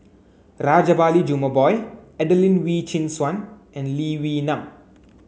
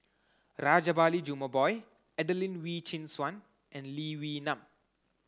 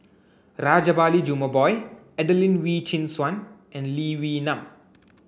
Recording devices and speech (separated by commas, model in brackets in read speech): mobile phone (Samsung C9), close-talking microphone (WH30), boundary microphone (BM630), read sentence